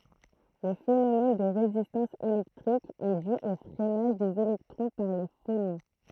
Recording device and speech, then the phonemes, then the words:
throat microphone, read sentence
lə fenomɛn də ʁezistɑ̃s elɛktʁik ɛ dy o fʁɛnaʒ dez elɛktʁɔ̃ paʁ le fonɔ̃
Le phénomène de résistance électrique est dû au freinage des électrons par les phonons.

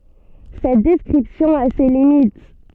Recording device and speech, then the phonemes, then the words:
soft in-ear microphone, read sentence
sɛt dɛskʁipsjɔ̃ a se limit
Cette description a ses limites.

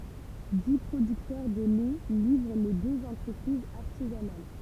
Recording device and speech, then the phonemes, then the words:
temple vibration pickup, read sentence
di pʁodyktœʁ də lɛ livʁ le døz ɑ̃tʁəpʁizz aʁtizanal
Dix producteurs de lait livrent les deux entreprises artisanales.

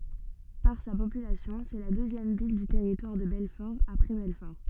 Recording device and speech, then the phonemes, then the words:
soft in-ear microphone, read sentence
paʁ sa popylasjɔ̃ sɛ la døzjɛm vil dy tɛʁitwaʁ də bɛlfɔʁ apʁɛ bɛlfɔʁ
Par sa population, c'est la deuxième ville du Territoire de Belfort après Belfort.

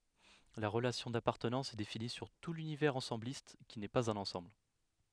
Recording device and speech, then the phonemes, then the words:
headset microphone, read sentence
la ʁəlasjɔ̃ dapaʁtənɑ̃s ɛ defini syʁ tu lynivɛʁz ɑ̃sɑ̃blist ki nɛ paz œ̃n ɑ̃sɑ̃bl
La relation d'appartenance est définie sur tout l'univers ensembliste, qui n'est pas un ensemble.

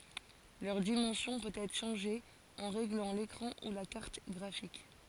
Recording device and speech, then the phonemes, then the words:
forehead accelerometer, read sentence
lœʁ dimɑ̃sjɔ̃ pøt ɛtʁ ʃɑ̃ʒe ɑ̃ ʁeɡlɑ̃ lekʁɑ̃ u la kaʁt ɡʁafik
Leur dimension peut être changée en réglant l'écran ou la carte graphique.

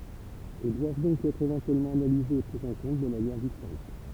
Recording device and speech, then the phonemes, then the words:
temple vibration pickup, read sentence
e dwav dɔ̃k ɛtʁ evɑ̃tyɛlmɑ̃ analizez e pʁi ɑ̃ kɔ̃t də manjɛʁ distɛ̃kt
Et doivent donc être éventuellement analysés et pris en compte de manière distincte.

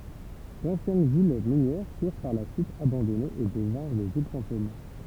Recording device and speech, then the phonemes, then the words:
temple vibration pickup, read sentence
dɑ̃sjɛn vil minjɛʁ fyʁ paʁ la syit abɑ̃dɔnez e dəvɛ̃ʁ de vil fɑ̃tom
D'anciennes villes minières furent par la suite abandonnées et devinrent des villes fantômes.

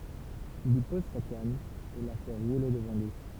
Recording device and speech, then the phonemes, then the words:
temple vibration pickup, read sentence
il i pɔz sa kan e la fɛ ʁule dəvɑ̃ lyi
Il y pose sa canne et la fait rouler devant lui.

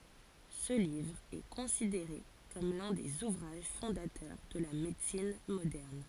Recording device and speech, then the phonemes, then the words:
forehead accelerometer, read sentence
sə livʁ ɛ kɔ̃sideʁe kɔm lœ̃ dez uvʁaʒ fɔ̃datœʁ də la medəsin modɛʁn
Ce livre est considéré comme l'un des ouvrages fondateurs de la médecine moderne.

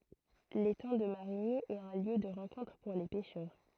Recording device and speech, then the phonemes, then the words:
throat microphone, read sentence
letɑ̃ də maʁiɲi ɛt œ̃ ljø də ʁɑ̃kɔ̃tʁ puʁ le pɛʃœʁ
L'étang de Marigny est un lieu de rencontre pour les pêcheurs.

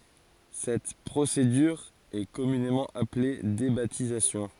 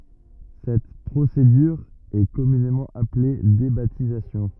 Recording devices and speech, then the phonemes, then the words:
forehead accelerometer, rigid in-ear microphone, read sentence
sɛt pʁosedyʁ ɛ kɔmynemɑ̃ aple debatizasjɔ̃
Cette procédure est communément appelée débaptisation.

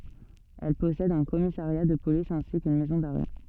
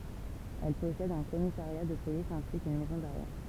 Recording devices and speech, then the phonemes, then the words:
soft in-ear microphone, temple vibration pickup, read sentence
ɛl pɔsɛd œ̃ kɔmisaʁja də polis ɛ̃si kyn mɛzɔ̃ daʁɛ
Elle possède un commissariat de police ainsi qu'une maison d'arrêt.

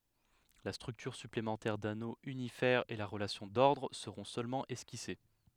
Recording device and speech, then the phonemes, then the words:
headset microphone, read sentence
la stʁyktyʁ syplemɑ̃tɛʁ dano ynifɛʁ e la ʁəlasjɔ̃ dɔʁdʁ səʁɔ̃ sølmɑ̃ ɛskise
La structure supplémentaire d'anneau unifère et la relation d'ordre seront seulement esquissées.

